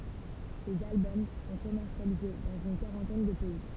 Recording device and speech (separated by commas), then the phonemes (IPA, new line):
temple vibration pickup, read sentence
sez albɔm sɔ̃ kɔmɛʁsjalize dɑ̃z yn kaʁɑ̃tɛn də pɛi